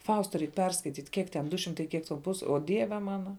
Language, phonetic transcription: Lithuanian, ˈfausta ˈreik ˈperskaityt' ˈkiek ten ˈdu ˈšimtai ˈkiek ten ˈpus o ˈdieve ˈmana

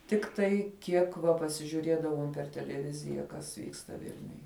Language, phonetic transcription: Lithuanian, ˈtiktai ˈkiek va pasižiuˈriedavom per teleˈvizija kas ˈvyksta ˈvilniuj

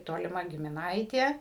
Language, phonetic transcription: Lithuanian, toliˈma gimiˈnaitė

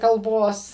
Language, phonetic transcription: Lithuanian, kalˈbos

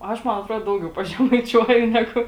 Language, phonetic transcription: Lithuanian, ˈaš ˈman atˈruod ˈdaugiau pažemaiˈčiuoju ˈnegu

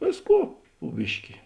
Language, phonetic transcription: Lithuanian, ˈvėsˌkų pu ˈbiški

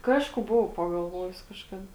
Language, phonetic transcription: Lithuanian, ˈkažku ˈbuvau pagalˈvojus kažˈkada

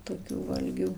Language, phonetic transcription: Lithuanian, tokių ˈvalgių

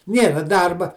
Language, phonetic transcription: Lithuanian, ˈnėra ˈdarba

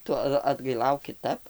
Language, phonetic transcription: Lithuanian, ˈtu at atgaiˈlauk kiˈtap

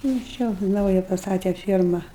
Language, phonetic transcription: Lithuanian, nu ˈčia ˈnauja pasˈtate ˈfierma

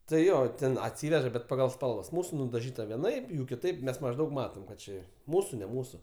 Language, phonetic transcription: Lithuanian, tai ˈjo ˈten atˈsyveža bet paˈgal ˈspalvas ˈmūsu nudaˈžyta vieˈnaip ˈjų kiˈtaip ˈmes mažˈdaug ˈmatom kad ˈči ˈmūsu ne ˈmūsu

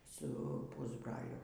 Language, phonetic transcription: Lithuanian, ˈsu ˈpūsbraliu

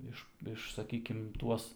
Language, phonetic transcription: Lithuanian, ˈiš ˈiš saˈkykim ˈtuos

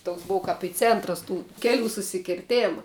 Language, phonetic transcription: Lithuanian, toks ˈbov kap i ˈcėntras tų ˈkeˌlių susikirˈtėma

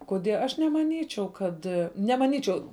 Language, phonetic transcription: Lithuanian, koˈdie aš nemaˈnyčiau ˈkad nemaˈnyčiau

